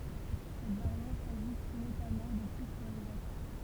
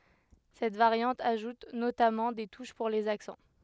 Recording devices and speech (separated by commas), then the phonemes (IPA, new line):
temple vibration pickup, headset microphone, read sentence
sɛt vaʁjɑ̃t aʒut notamɑ̃ de tuʃ puʁ lez aksɑ̃